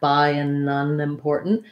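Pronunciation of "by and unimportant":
In 'by an unimportant', 'an' is reduced: its vowel drops off a little, and 'by an' links into 'unimportant'.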